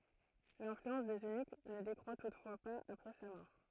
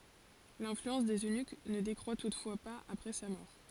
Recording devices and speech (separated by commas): throat microphone, forehead accelerometer, read sentence